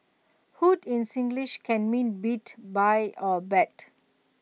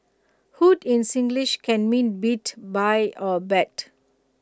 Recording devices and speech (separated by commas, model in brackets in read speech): mobile phone (iPhone 6), close-talking microphone (WH20), read sentence